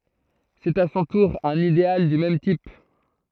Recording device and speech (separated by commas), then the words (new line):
throat microphone, read sentence
C'est à son tour un idéal du même type.